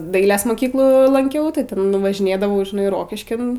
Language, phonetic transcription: Lithuanian, ˈdailės moˈkyklų lanˈkiau tai ˈten važiˈnėdavau žiˈnai ˈrokiškin

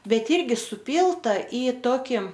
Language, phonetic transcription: Lithuanian, ˈbet ˈyrgi suˈpylta i ˈtoki

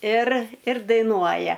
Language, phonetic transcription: Lithuanian, ir ir daiˈnuoja

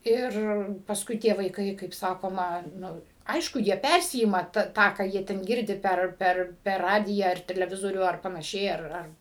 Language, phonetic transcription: Lithuanian, ˈir pasˈkui tie vaiˈkai kaip ˈsakoma ˈnu ˈaišku jie ˈpærsiima ta ˈtą ką ˈjie ten ˈgirdi ˈper ˈper per ˈradiją ar teleˈvizorių ˈar panaˈšiai ar ˈar

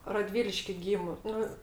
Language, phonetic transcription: Lithuanian, raˈdvyliški ˈgymu ˈnu

